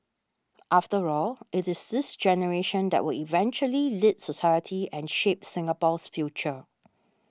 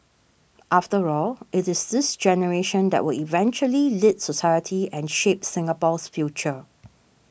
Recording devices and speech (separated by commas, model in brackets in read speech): standing microphone (AKG C214), boundary microphone (BM630), read sentence